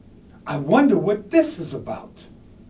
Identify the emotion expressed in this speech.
angry